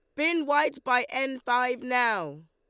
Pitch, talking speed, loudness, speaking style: 250 Hz, 155 wpm, -26 LUFS, Lombard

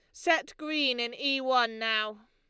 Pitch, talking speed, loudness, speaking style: 250 Hz, 170 wpm, -28 LUFS, Lombard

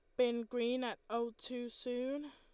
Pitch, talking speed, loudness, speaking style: 245 Hz, 170 wpm, -39 LUFS, Lombard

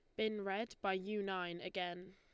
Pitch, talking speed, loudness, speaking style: 190 Hz, 185 wpm, -41 LUFS, Lombard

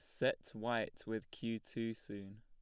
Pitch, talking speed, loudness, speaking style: 110 Hz, 165 wpm, -42 LUFS, plain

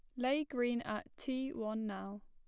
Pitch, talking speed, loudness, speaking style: 240 Hz, 175 wpm, -39 LUFS, plain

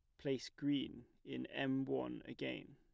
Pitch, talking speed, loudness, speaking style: 135 Hz, 140 wpm, -43 LUFS, plain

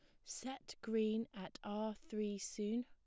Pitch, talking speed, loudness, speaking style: 220 Hz, 140 wpm, -43 LUFS, plain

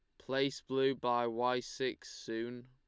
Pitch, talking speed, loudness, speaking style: 125 Hz, 145 wpm, -36 LUFS, Lombard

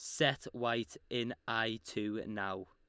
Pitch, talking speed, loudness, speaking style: 115 Hz, 145 wpm, -37 LUFS, Lombard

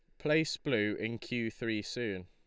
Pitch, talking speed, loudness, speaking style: 115 Hz, 175 wpm, -34 LUFS, Lombard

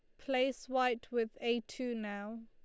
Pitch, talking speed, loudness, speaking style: 235 Hz, 160 wpm, -36 LUFS, Lombard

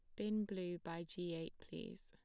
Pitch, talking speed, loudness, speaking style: 175 Hz, 195 wpm, -45 LUFS, plain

